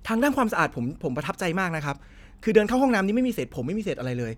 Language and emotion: Thai, happy